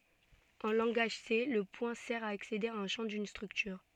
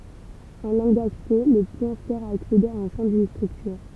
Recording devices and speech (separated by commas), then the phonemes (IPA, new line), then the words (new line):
soft in-ear microphone, temple vibration pickup, read sentence
ɑ̃ lɑ̃ɡaʒ se lə pwɛ̃ sɛʁ a aksede a œ̃ ʃɑ̃ dyn stʁyktyʁ
En langage C, le point sert à accéder à un champ d'une structure.